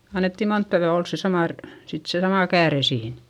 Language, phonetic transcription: Finnish, annetti montta vyä ols se samà r- , sit se samà kääre siin .
- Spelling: annettiin monta yötä olla se sama - sitten se sama kääre siinä

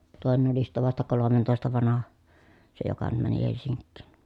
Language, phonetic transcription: Finnish, tòenen ‿oli sittä vasta kolomentòesta vanaha , se joka nym mäni Helsiŋkkìn .
- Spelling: toinen oli sitten vasta kolmentoista vanha se joka nyt meni Helsinkiin

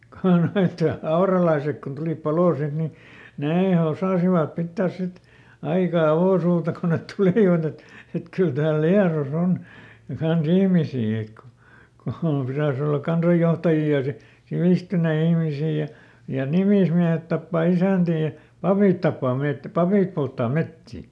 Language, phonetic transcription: Finnish, ko ˈnoit , "auralaisek kun ˈtulìp ˈpaloo ˈsit ni , "nee ˈosàsivap ˈpittääs ˈsit , aika ˈavòsuuta ko net ˈtulìvat ‿et , et ˈkyl tääl "Liaros ‿on , kanˈs ‿ihmisii ek ku , ku ˈpiräⁱs ‿ollak̆ "kansajjohtajii ja si- , ˈsivìstynei ˈihmisii ja , ja "nimìsmiähet tappà ˈisä̀ntii ja , "papìt tappaa ˈmet- , "papìp polttaa ˈmettì .
- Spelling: kun nuo auralaiset kun tulivat paloon sitten niin ne osasivat pitää sitten aika avosuuta kun ne tulivat että että kyllä täällä Liedossa on kanssa ihmisiä että kun kun pitäisi olla kansanjohtajia ja - sivistyneitä ihmisiä ja ja nimismiehet tappaa isäntiä ja papit tappaa - papit polttaa metsiä

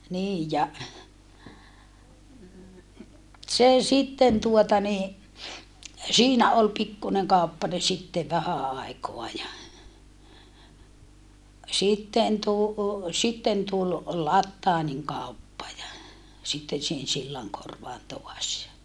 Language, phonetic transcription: Finnish, nii ja , se sitten tuota ni , siinä ol pikkuneŋ kàuppane sittev vähä aikoa ja , sitten tu- , sitten tul , Lattaaniŋ kàuppa ja , sitten sihen Sillaŋkorvaan toas ja ,.
- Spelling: niin ja se sitten tuota niin siinä oli pikkuinen kauppanen sitten vähän aikaa ja sitten - sitten tuli Plathanin kauppa ja sitten siihen Sillankorvaan taas ja

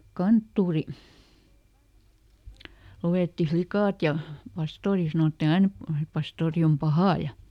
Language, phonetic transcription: Finnish, "kanttuuri , ˈlu₍etti ˈflikàt ja , ˈpastoori sanotti"n ‿ain ‿et , » ˈpastoori om "pahà » ja ,.
- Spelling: kanttori luetti likat ja pastori sanottiin aina että pastori on paha ja

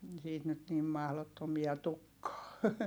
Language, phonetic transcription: Finnish, siit nyt nim mahlottomia tukkaa .
- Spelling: siitä nyt niin mahdottomia tulekaan

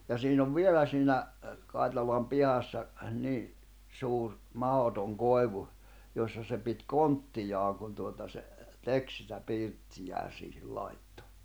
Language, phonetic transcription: Finnish, ja 'siin ‿ov "vielä siinä , Kài̬talam 'pihassa , 'ni , 'suur , 'mahotoŋ 'koevu , jossa se pit "konttijaaŋ kun tuota se , "tek sitä 'pìrttijää siihil laittᴏ .
- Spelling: ja siinä on vielä siinä Kaitalan pihassa niin suuri mahdoton koivu jossa se piti konttiaan kun tuota se teki sitä pirttiään siihen laittoi

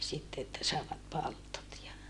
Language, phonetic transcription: Finnish, sitte että sàevat paltot ja ,.
- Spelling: sitten että saivat palttoot ja

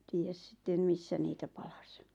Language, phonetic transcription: Finnish, tiijäs sⁱttem 'missä niitä 'paʟᴀs .
- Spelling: tiedä sitten missä niitä palaisi

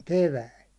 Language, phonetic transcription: Finnish, 'keväil .
- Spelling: keväällä

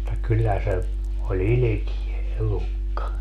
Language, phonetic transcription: Finnish, [mut]ta 'kyllä se , o"ĺ ‿ilikie "elukka .
- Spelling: mutta kyllä se oli ilkeä elukka

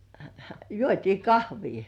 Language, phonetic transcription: Finnish, juot́ii "kahvii .
- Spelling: juotiin kahvia

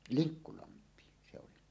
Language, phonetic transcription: Finnish, Liŋkkulamp̀iin se 'oli .
- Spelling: Linkkulampiin se oli

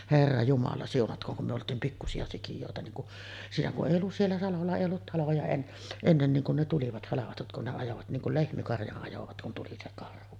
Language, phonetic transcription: Finnish, "herra jumala 'siunatk̀ooŋ kum me olt̀iim 'pikkusi₍a sikijòeta niiŋ ku’ , 'siinä kuˀ "ˀèij ‿ollus 'siellä 'salolla èij ‿ollut taloja en- , 'ennen niiŋ kun ne tulivat "halavatut kun ne ajovat 'niiŋ kul "lehmikarjaˀ 'ˀajovat kun tuli se 'karhu .
- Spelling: herra jumala siunatkoon kun me oltiin pikkuisia sikiöitä niin kun siinä kun ei ollut siellä salolla ei ollut taloja - ennen niin kun ne tulivat halvatut kun ne ajoivat niin kuin lehmikarjan ajoivat kun tuli se karhu

